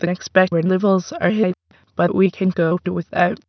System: TTS, waveform concatenation